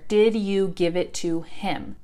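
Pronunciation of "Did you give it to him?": The h in 'him' is dropped, so 'to him' is said without an h sound.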